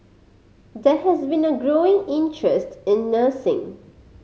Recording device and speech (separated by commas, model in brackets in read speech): mobile phone (Samsung C5010), read sentence